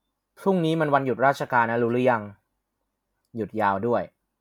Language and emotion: Thai, neutral